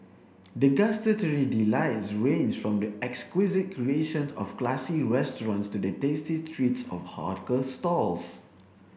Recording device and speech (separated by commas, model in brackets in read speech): boundary microphone (BM630), read sentence